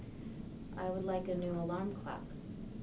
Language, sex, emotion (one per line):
English
female
neutral